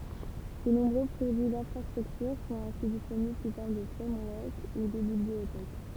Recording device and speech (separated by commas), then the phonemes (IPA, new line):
temple vibration pickup, read sentence
də nɔ̃bʁø pʁodyi dɛ̃fʁastʁyktyʁ sɔ̃t ɛ̃si disponibl su fɔʁm də fʁɛmwɔʁk u də bibliotɛk